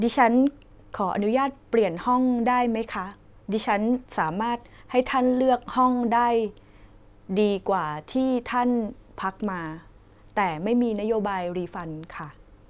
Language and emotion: Thai, neutral